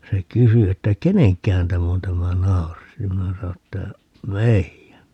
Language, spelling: Finnish, se kysyi että kenenkähän tämä on tämä nauris ja minä sanoin että meidän
- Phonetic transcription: 'se "kysy että » "keneŋkkähän 'täm ‿on 'tämä "nauris » ja 'minä sano että , » "meijän » .

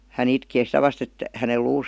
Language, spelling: Finnish, hän itkee sitä vasten että hänen luunsa
- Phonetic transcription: hä'n ‿itkee 'sitä vast ‿et , häne 'luus ,.

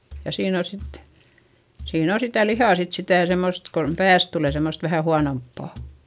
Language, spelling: Finnish, ja siinä on sitten siinä on sitä lihaa sitten sitä semmoista kun päästä tulee semmoista vähän huonompaa
- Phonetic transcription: ja siin ‿o sit , siin ‿o sitä lihà sit sitä̀ semmost kon , pääs tulè semmost vähä huanomppà .

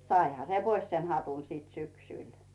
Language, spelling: Finnish, saihan se pois sen hatun sitten syksyllä
- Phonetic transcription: 'saiha se "pois sen 'hatun siit 'syksỳl .

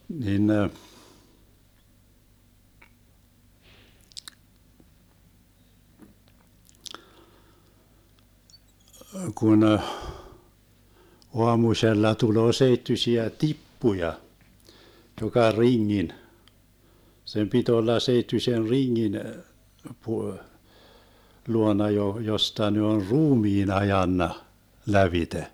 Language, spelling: Finnish, niin ne kun - aamusella tulee seittyisiä tippuja joka ringin sen piti olla seittyisen ringin - luona - josta ne on ruumiin ajanut lävitse
- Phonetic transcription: 'nin ne , 'kun ‿əh , 'oamuśella 'tuloo 'seittysiä "tippuja , joka 'riŋŋin , 'sem pit ‿olla 'seittyśen "riŋŋin , pu- , 'luona jo- 'josta ne on "ruumiin 'ajanna , 'lävite .

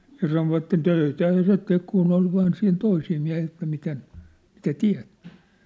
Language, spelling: Finnish, ja sanoivat töitähän se teki kun oli vain siinä toisia miehiä että miten mitä teet
- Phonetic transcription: ja sanovatten 'töitähä 'se tek kunn ‿ol vaan siin 'toisii miä̭hii että miten , mitä 'tiä̭t .

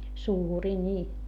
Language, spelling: Finnish, suuria niin
- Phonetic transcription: suurii ńii .

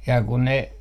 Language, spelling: Finnish, ja kun ne
- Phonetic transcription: ja kun ne ,.

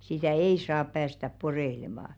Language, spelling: Finnish, sitä ei saa päästää poreilemaan
- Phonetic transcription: 'sitä̀ "ei "saap päästäp 'poreⁱlemà .

